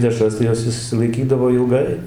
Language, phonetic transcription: Lithuanian, ˈdešras tai ˈjos išsilaiˈkydavo ilˈgai

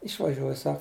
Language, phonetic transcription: Lithuanian, išvaˈžiuoj ˈsak

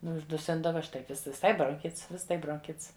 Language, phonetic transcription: Lithuanian, ˈnu užduˈsindava ˈštai viˈsai bronˈchits ˈvis ˈtai bronˈkits

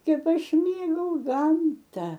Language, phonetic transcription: Lithuanian, ˈkep ˈaš ˈmėgau ˈgamta

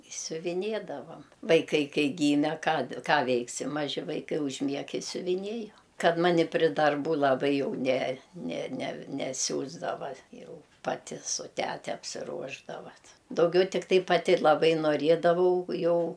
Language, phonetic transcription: Lithuanian, i siuviˈnėdavam vaiˈkai ˈkai ˈgyme ˈką ˈką ˈveiksi maˈži vaiˈkai užˈmieg i siuviˈnėju ˈkad ˈmani pri darˈbų laˈbai jau ne ne ne neˈsiųsdava ˈjau paˈti su ˈtete apsiˈruošdava t dauˈgiau tikˈtai paˈti laˈbai noˈriedavau ˈjau

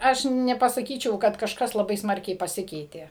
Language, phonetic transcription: Lithuanian, ˈaš nepasaˈkyčiau kad kažˈkas laˈbai ˈsmarkiai paˈsikeitė

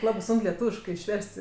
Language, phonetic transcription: Lithuanian, ˈlabɜ ˈsunk leˈtūviškɜ išˈverst'

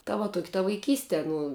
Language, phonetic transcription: Lithuanian, ta va ˈtuoki ta vaiˈkyste ˈnu

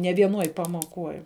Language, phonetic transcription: Lithuanian, ne vieˈnuoj pamuoˈkuoj

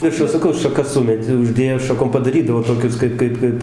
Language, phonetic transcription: Lithuanian, ˈviršu saˈkau šaˈkas ˈsumet' uˈždėjo šaˈkom padaˈrydavo toˈkius ˈkaip ˈkaip ˈkaip

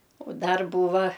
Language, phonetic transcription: Lithuanian, u ˈdar ˈbūva

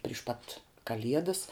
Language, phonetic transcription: Lithuanian, pryš ˈpat kaˈliedas

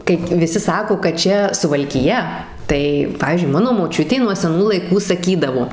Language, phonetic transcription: Lithuanian, ˈkaip viˈsi ˈsako kad ˈčia suvalkiˈja tai ˈpavyzdžiui ˈmano moˈčiutė nuo seˈnų laiˈkų saˈkydavo

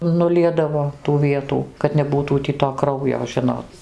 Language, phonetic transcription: Lithuanian, nuˈliedavo tų ˈvietų kad neˈbūtų tį to ˈkraujo ˈžinot

